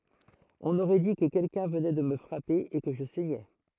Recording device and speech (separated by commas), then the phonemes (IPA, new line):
throat microphone, read sentence
ɔ̃n oʁɛ di kə kɛlkœ̃ vənɛ də mə fʁape e kə ʒə sɛɲɛ